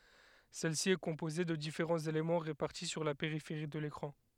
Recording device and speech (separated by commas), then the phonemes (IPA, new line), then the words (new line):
headset microphone, read sentence
sɛl si ɛ kɔ̃poze də difeʁɑ̃z elemɑ̃ ʁepaʁti syʁ la peʁifeʁi də lekʁɑ̃
Celle-ci est composée de différents éléments répartis sur la périphérie de l'écran.